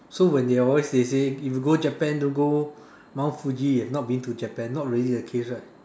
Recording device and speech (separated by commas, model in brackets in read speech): standing microphone, conversation in separate rooms